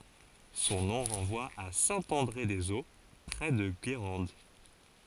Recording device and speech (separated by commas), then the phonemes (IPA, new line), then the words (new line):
forehead accelerometer, read sentence
sɔ̃ nɔ̃ ʁɑ̃vwa a sɛ̃ ɑ̃dʁe dez o pʁɛ də ɡeʁɑ̃d
Son nom renvoie à Saint-André-des-Eaux, près de Guérande.